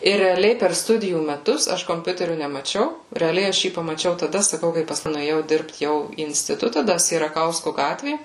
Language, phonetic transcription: Lithuanian, ir reaˈliai per ˈstudijų meˈtus ˈaš komˈpiuteriu nemaˈčiau reaˈliai ˈaš ˈjį pamaˈčiau taˈda saˈkau kai pasˈkui nuėˈjau ˈdirbt ˈjau į instiˈtuta ˈda sieraˈkausku ˈgatvė

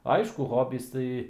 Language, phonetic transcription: Lithuanian, ˈaišku ˈhobys ˈtai

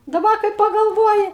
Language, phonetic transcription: Lithuanian, daˈba kai pagalˈvoji

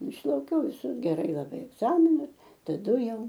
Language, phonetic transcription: Lithuanian, išlauˈkiau viˈsus geˈrai laˈbai egˈzaminai taˈdu ˈjau

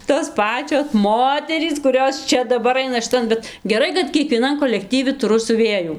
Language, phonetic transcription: Lithuanian, tos ˈpačios ˈmoterys kuˈrios ˈčia daˈbar ˈaina šiˈtan ˈbet geˈrai kad kiekvieˈnan kolekˈtyvi tuˈru siuˈvėjų

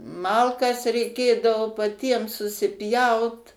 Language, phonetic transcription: Lithuanian, ˈmalkas reiˈkėdavo paˈtiem susiˈpjaut

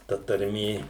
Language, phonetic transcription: Lithuanian, ta tarˈmė

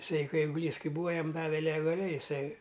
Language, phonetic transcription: Lithuanian, iˈsai ˈkai eiguˈlys ˈkai ˈbūa ˈjam ˈdave legaˈliai iˈsai

